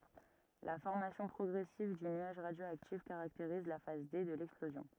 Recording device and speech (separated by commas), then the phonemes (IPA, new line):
rigid in-ear microphone, read sentence
la fɔʁmasjɔ̃ pʁɔɡʁɛsiv dy nyaʒ ʁadjoaktif kaʁakteʁiz la faz de də lɛksplozjɔ̃